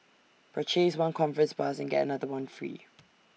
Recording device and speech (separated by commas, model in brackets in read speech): mobile phone (iPhone 6), read sentence